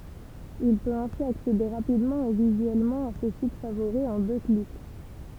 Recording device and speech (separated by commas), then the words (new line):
temple vibration pickup, read sentence
Il peut ainsi accéder rapidement et visuellement à ses sites favoris en deux clics.